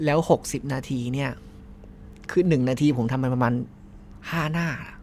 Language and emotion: Thai, frustrated